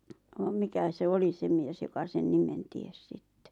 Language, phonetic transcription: Finnish, vam 'mikä se "oli se mies joka sen 'nimen "ties 'sittᴇ ?
- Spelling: vaan mikä se oli se mies joka sen nimen tiesi sitten

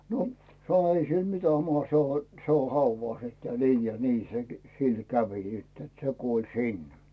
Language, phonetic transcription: Finnish, no , sa̰o : » "ei sil mitä 'maha , se o , se o 'hauvàs , että "nii ja "ni se sil 'kävi sitt ‿et se 'kuol "sin « .
- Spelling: no sanoi ei sille mitään mahda se on se on haudassa että niin ja niin se sillä kävi sitten että se kuoli sinne

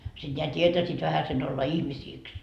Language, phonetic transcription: Finnish, siD ńeä 't́ietäsiit vähäsen ‿olla 'ihmisiiks .
- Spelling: sitten nämä tietäisivät vähäsen olla ihmisiksi

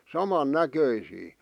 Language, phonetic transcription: Finnish, 'saman 'näköisii .
- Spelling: saman näköisiä

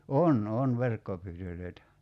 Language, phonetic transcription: Finnish, "on 'on 'verkkopyytöl̀öi̬tä .
- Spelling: on on verkkopyytöjä

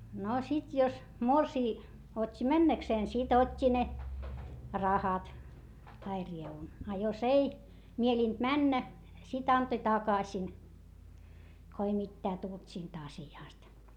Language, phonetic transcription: Finnish, no sit jos , morsii , ot́t́i männäkseen sit ‿ot́t́i ne , rahat , tai rievun , a jos ei , mielìnt männä , sit antoⁱ takasin , ko ei mittää tult siint ‿asi₍àst .
- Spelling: no sitten jos morsian otti mennäkseen sitten otti ne rahat tai rievun a jos ei mielinyt mennä sitten antoi takaisin kun ei mitään tullut siitä asiasta

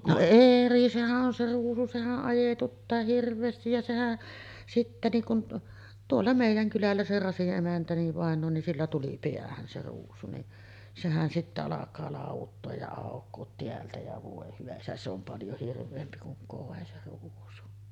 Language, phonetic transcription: Finnish, no "eri , sehä’ ’on se 'ruusu 'sehäˀ ˀajetuttaa "hirv̆veestij ja 'sehä , sittä niiŋ kun , 'tuolla mèij̆jäŋ kylällä se 'Rasiˀ ˀemäntä niv vàeǹoo nin 'sillä tuli 'piähän se ruusu ni , 'sehän sittä alak̀aa 'làuvutto̳a̳§j ja àok̆koot 'teältä ja 'vòe hyvä isä 'se ‿om 'paljo 'hirv̆veempi kuŋ 'koe se ruusu .
- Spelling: no eri sehän on se ruusu sehän ajetuttaa hirveästi ja sehän sitten niin kuin tuolla meidän kylällä se Rasin emäntä niin vainaja niin sillä tuli päähän se ruusu niin sehän sitten alkaa lauduttaa ja aukoa täältä ja voi hyvä isä se on paljon hirveämpi kuin koi se ruusu

